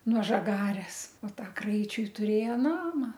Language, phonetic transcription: Lithuanian, nuo žaˈgares o ˈta ˈkraičiui turˈėjo ˈnama

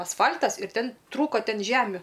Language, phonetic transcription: Lithuanian, asˈfal'tas ir ˈten ˈtrūko ˈten ˈžemiu

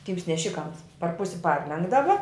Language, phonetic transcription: Lithuanian, ˈtyms neˈšikams par ˈpusi ˈparlenkdava

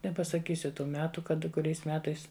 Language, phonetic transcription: Lithuanian, nepasaˈkysiu ˈtų ˈmetu ˈkad kuˈriais ˈmetais

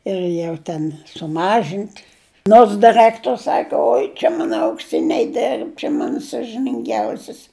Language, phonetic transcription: Lithuanian, ir ˈjau ten suˈmažint' nors diˈrɜktor's ˈsaka ˈoi čia ˈmana aukˈsiniai ˈderb čia ˈmana sažininˈgiausis

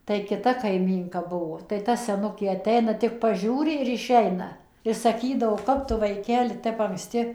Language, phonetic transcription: Lithuanian, tai kiˈta kaiˈmynka ˈbuvo tai ˈta seˈnukė aˈteina ˈtik paˈžiūri ir iˈšeina i saˈkydavo ˈkap tu vaiˈkeli ˈtep ankˈsti

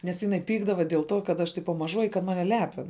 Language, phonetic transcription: Lithuanian, nes ˈjiˌnai ˈpykdava diel ˈto kad ˈaš ˈtipa maˈžuoji i kad ˈmane ˈlepin

